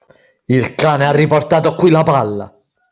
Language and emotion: Italian, angry